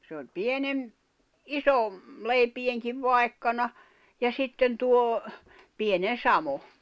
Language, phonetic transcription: Finnish, se oĺ "pienem- , "iso , 'leipiʲeŋkiv 'vai̬kkana , ja 'sitten tuo , 'pienen̬ "samo .
- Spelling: se oli - iso leipienkin vaikkana ja sitten tuo pienen samoin

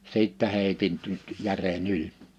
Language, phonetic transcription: Finnish, 'sìttä 'hèitin tynt 'järe'n ‿yĺ .
- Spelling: sitten heitin nyt jären yli

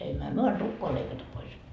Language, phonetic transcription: Finnish, emmöhä 'myö an "tukkoa leikata pois » .
- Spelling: emmehän me anna tukkaa leikata pois

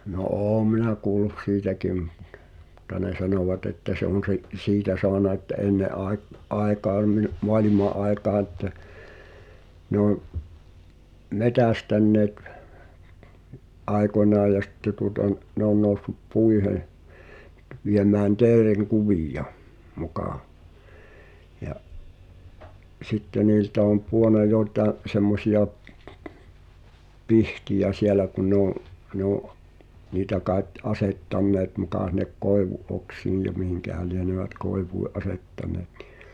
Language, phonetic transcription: Finnish, no "’ô minä kuul̆lus 'siitäkim , ᴹᵁᵗta ne 'sanòwat ‿että se ‿on̬ se’ , "siitä soana että '’enne ’aek- , '’aekaan ni’ , "moalima’ ’aekaa ᵉttä , ne ‿on , "metästänneet , '’aekonaaj̆ ja sⁱtte tuota n- , 'ne ‿on nòussup "puihen̬ , 'viemään 'teereŋ"kuvìja , 'mukà , ja’ , "sitte niiltä om 'puona 'jòi̬tà’ , semmosi₍a , "pihtijä siɛlä kun̆ ne oo̰’ , ne ‿oo̰’ , niitä kaet , 'asettanneet muka sinek "koevu’ '’oksiij ja 'mihiŋkähä lienövät 'koevui’ "’asettan̳eet ɴɪ .
- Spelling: no olen minä kuullut siitäkin mutta ne sanovat että se on se siitä saanut että ennen - aikaan niin maailman aikaa että ne on metsästäneet aikoinaan ja sitten tuota - ne on noussut puihin viemään teerenkuvia muka ja sitten niiltä on pudonnut joitakin semmoisia pihtejä siellä kun ne on ne on niitä kai asettaneet muka sinne koivun oksiin ja mihinkähän lienevät koivuihin asettaneet niin

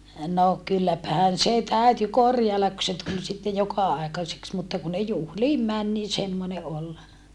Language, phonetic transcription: Finnish, no kylläpähän se täyty korjaellak ku se tul sitte joka₍aekaseks mutta ku ne juhliim män nii semmone ʼol .
- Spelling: no kylläpähän se täytyi korjailla kun se tuli sitten joka-aikaiseksi mutta kun ne juhliin meni niin semmoinen oli

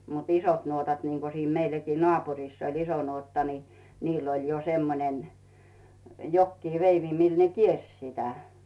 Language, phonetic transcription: Finnish, mut "isot 'nuotat niŋko siin 'meilläkii "nᵒàpurìss ‿oĺ "iso 'nuotta ni , niill ‿oĺ jo 'semmonen , 'jokkii "veivi 'mii ne 'kierś sitä .
- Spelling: mutta isot nuotat niin kuin siinä meilläkin naapurissa oli iso nuotta niin niillä oli jo semmoinen jokin veivi millä ne kiersi sitä

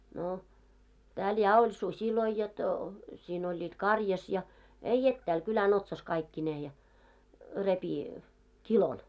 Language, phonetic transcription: Finnish, no , tääl 'ja oĺ 'susiloi jot , 'sin ‿oĺĺiit "karjas ja , ei 'ettääl , 'kylä'n ‿otsas 'kaikki"nee ja , 'repi , 'kilon .
- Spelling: no täällä ja oli susia jotta siinä olivat karjassa ja ei etäällä kylän otsassa kaikkineen ja repi kilon

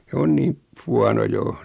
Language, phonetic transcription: Finnish, 's ‿on niim , 'huano 'jo .
- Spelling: se on niin huono jo

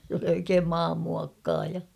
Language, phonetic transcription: Finnish, s ‿oli oikeem "maam'muakkaaja .
- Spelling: se oli oikein maanmuokkaaja

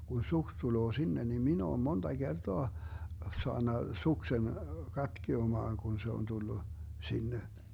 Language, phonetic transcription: Finnish, kun 'suks 'tuloo 'sinne nim 'min ‿oom 'monDa 'GerDoa , 'soanna 'suksen , 'katkiomaaŋ 'kun se on 'tullu , 'sinne .
- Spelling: kun suksi tulee sinne niin minä olen monta kertaa saanut suksen katkeamaan kun se on tullut sinne

